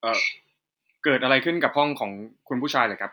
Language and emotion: Thai, neutral